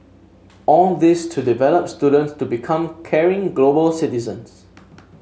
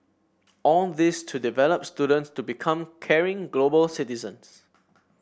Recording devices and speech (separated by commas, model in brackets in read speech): mobile phone (Samsung S8), boundary microphone (BM630), read sentence